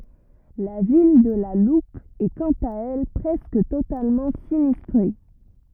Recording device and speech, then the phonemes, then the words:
rigid in-ear microphone, read sentence
la vil də la lup ɛ kɑ̃t a ɛl pʁɛskə totalmɑ̃ sinistʁe
La ville de La Loupe est quant à elle presque totalement sinistrée.

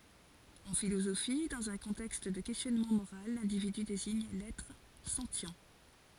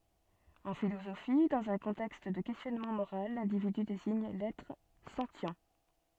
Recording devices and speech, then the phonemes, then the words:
forehead accelerometer, soft in-ear microphone, read sentence
ɑ̃ filozofi dɑ̃z œ̃ kɔ̃tɛkst də kɛstjɔnmɑ̃ moʁal lɛ̃dividy deziɲ lɛtʁ sɑ̃tjɛ̃
En philosophie, dans un contexte de questionnement moral, l'individu désigne l'être sentient.

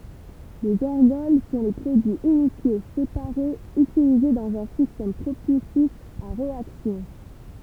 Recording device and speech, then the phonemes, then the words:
temple vibration pickup, read sentence
lez ɛʁɡɔl sɔ̃ le pʁodyiz inisjo sepaʁez ytilize dɑ̃z œ̃ sistɛm pʁopylsif a ʁeaksjɔ̃
Les ergols sont les produits initiaux, séparés, utilisés dans un système propulsif à réaction.

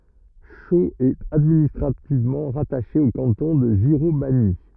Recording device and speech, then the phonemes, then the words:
rigid in-ear microphone, read sentence
ʃoz ɛt administʁativmɑ̃ ʁataʃe o kɑ̃tɔ̃ də ʒiʁomaɲi
Chaux est administrativement rattachée au canton de Giromagny.

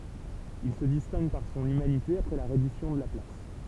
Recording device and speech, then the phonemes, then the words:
temple vibration pickup, read sentence
il sə distɛ̃ɡ paʁ sɔ̃n ymanite apʁɛ la ʁɛdisjɔ̃ də la plas
Il se distingue par son humanité après la reddition de la place.

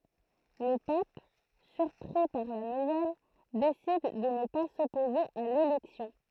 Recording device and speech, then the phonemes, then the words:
throat microphone, read sentence
lə pap syʁpʁi paʁ la nuvɛl desid də nə pa sɔpoze a lelɛksjɔ̃
Le pape, surpris par la nouvelle, décide de ne pas s'opposer à l'élection.

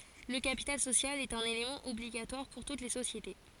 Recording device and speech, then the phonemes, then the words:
forehead accelerometer, read sentence
lə kapital sosjal ɛt œ̃n elemɑ̃ ɔbliɡatwaʁ puʁ tut le sosjete
Le capital social est un élément obligatoire pour toutes les sociétés.

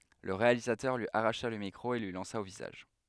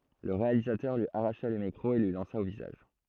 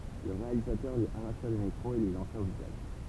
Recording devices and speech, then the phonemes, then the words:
headset microphone, throat microphone, temple vibration pickup, read sentence
lə ʁealizatœʁ lyi aʁaʃa lə mikʁo e lyi lɑ̃sa o vizaʒ
Le réalisateur lui arracha le micro et lui lança au visage.

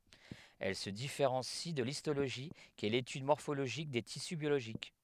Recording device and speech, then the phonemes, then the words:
headset microphone, read sentence
ɛl sə difeʁɑ̃si də listoloʒi ki ɛ letyd mɔʁfoloʒik de tisy bjoloʒik
Elle se différencie de l'histologie, qui est l'étude morphologique des tissus biologiques.

